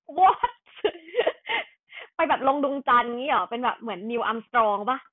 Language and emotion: Thai, happy